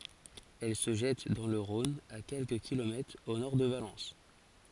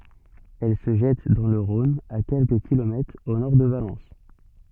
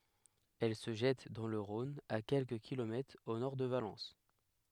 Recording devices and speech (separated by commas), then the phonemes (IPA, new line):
forehead accelerometer, soft in-ear microphone, headset microphone, read sentence
ɛl sə ʒɛt dɑ̃ lə ʁɔ̃n a kɛlkə kilomɛtʁz o nɔʁ də valɑ̃s